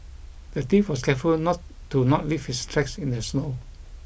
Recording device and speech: boundary microphone (BM630), read sentence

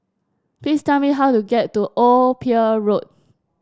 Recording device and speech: standing microphone (AKG C214), read sentence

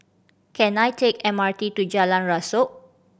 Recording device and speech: boundary microphone (BM630), read sentence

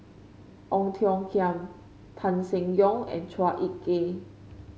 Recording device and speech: mobile phone (Samsung C5), read sentence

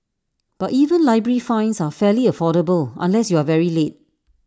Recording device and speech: standing microphone (AKG C214), read sentence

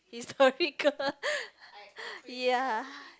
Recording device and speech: close-talking microphone, conversation in the same room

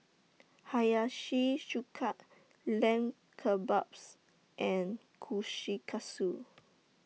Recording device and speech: mobile phone (iPhone 6), read sentence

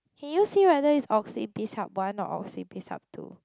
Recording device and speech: close-talking microphone, conversation in the same room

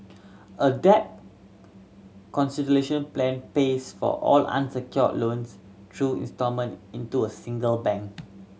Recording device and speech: mobile phone (Samsung C7100), read sentence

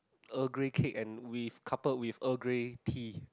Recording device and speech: close-talking microphone, conversation in the same room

